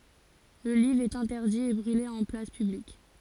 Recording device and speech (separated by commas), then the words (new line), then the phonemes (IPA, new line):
forehead accelerometer, read sentence
Le livre est interdit et brûlé en place publique.
lə livʁ ɛt ɛ̃tɛʁdi e bʁyle ɑ̃ plas pyblik